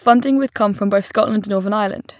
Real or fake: real